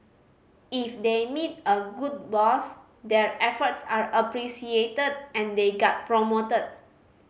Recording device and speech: mobile phone (Samsung C5010), read sentence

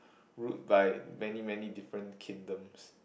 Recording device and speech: boundary microphone, conversation in the same room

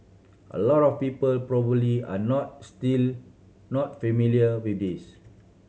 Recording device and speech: mobile phone (Samsung C7100), read sentence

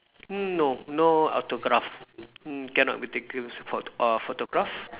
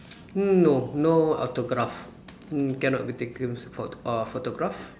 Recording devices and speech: telephone, standing microphone, conversation in separate rooms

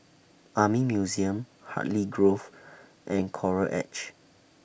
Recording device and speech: boundary microphone (BM630), read sentence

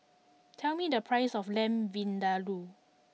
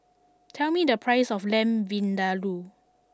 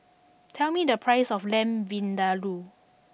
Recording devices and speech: mobile phone (iPhone 6), standing microphone (AKG C214), boundary microphone (BM630), read sentence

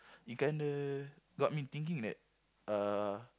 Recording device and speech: close-talking microphone, conversation in the same room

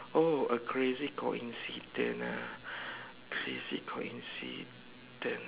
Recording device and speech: telephone, conversation in separate rooms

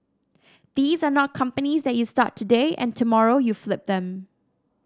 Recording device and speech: standing microphone (AKG C214), read sentence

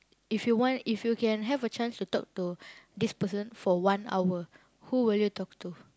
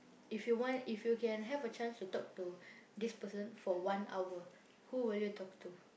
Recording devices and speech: close-talking microphone, boundary microphone, conversation in the same room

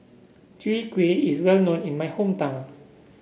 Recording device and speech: boundary microphone (BM630), read sentence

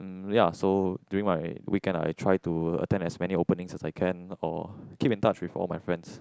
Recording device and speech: close-talking microphone, conversation in the same room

